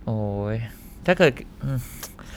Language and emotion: Thai, frustrated